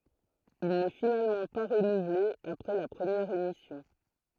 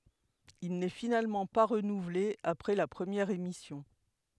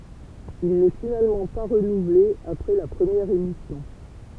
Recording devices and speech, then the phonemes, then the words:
throat microphone, headset microphone, temple vibration pickup, read sentence
il nɛ finalmɑ̃ pa ʁənuvle apʁɛ la pʁəmjɛʁ emisjɔ̃
Il n'est finalement pas renouvelé après la première émission.

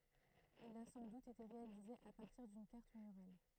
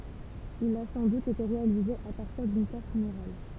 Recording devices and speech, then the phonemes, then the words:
throat microphone, temple vibration pickup, read sentence
il a sɑ̃ dut ete ʁealize a paʁtiʁ dyn kaʁt myʁal
Il a sans doute été réalisé à partir d'une carte murale.

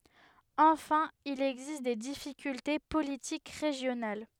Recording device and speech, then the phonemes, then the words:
headset microphone, read sentence
ɑ̃fɛ̃ il ɛɡzist de difikylte politik ʁeʒjonal
Enfin, il existe des difficultés politiques régionales.

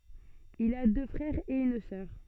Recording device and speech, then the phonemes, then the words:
soft in-ear microphone, read sentence
il a dø fʁɛʁz e yn sœʁ
Il a deux frères et une sœur.

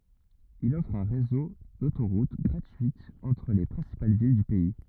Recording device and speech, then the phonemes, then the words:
rigid in-ear microphone, read sentence
il ɔfʁ œ̃ ʁezo dotoʁut ɡʁatyitz ɑ̃tʁ le pʁɛ̃sipal vil dy pɛi
Il offre un réseau d'autoroutes gratuites entre les principales villes du pays.

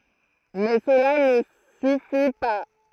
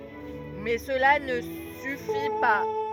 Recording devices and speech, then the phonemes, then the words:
throat microphone, rigid in-ear microphone, read sentence
mɛ səla nə syfi pa
Mais cela ne suffit pas.

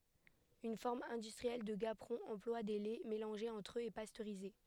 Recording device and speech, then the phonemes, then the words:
headset microphone, read sentence
yn fɔʁm ɛ̃dystʁiɛl də ɡapʁɔ̃ ɑ̃plwa de lɛ melɑ̃ʒez ɑ̃tʁ øz e pastøʁize
Une forme industrielle de gaperon emploie des laits mélangés entre eux et pasteurisés.

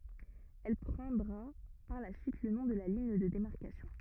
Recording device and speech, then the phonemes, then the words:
rigid in-ear microphone, read sentence
ɛl pʁɑ̃dʁa paʁ la syit lə nɔ̃ də liɲ də demaʁkasjɔ̃
Elle prendra par la suite le nom de ligne de démarcation.

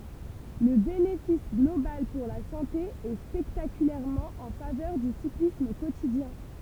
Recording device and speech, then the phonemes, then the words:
temple vibration pickup, read sentence
lə benefis ɡlobal puʁ la sɑ̃te ɛ spɛktakylɛʁmɑ̃ ɑ̃ favœʁ dy siklism kotidjɛ̃
Le bénéfice global pour la santé est spectaculairement en faveur du cyclisme quotidien.

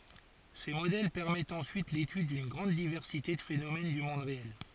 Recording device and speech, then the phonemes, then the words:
forehead accelerometer, read sentence
se modɛl pɛʁmɛtt ɑ̃syit letyd dyn ɡʁɑ̃d divɛʁsite də fenomɛn dy mɔ̃d ʁeɛl
Ces modèles permettent ensuite l'étude d'une grande diversité de phénomène du monde réel.

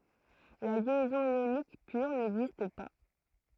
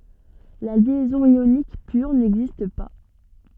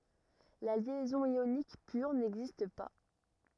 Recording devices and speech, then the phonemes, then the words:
throat microphone, soft in-ear microphone, rigid in-ear microphone, read sentence
la ljɛzɔ̃ jonik pyʁ nɛɡzist pa
La liaison ionique pure n'existe pas.

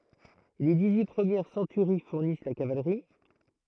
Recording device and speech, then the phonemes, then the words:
throat microphone, read sentence
le diksyi pʁəmjɛʁ sɑ̃tyʁi fuʁnis la kavalʁi
Les dix-huit premières centuries fournissent la cavalerie.

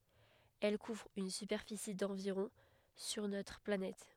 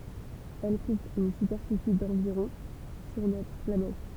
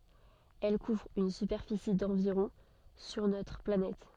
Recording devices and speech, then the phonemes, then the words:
headset microphone, temple vibration pickup, soft in-ear microphone, read sentence
ɛl kuvʁ yn sypɛʁfisi dɑ̃viʁɔ̃ syʁ notʁ planɛt
Elle couvre une superficie d'environ sur notre planète.

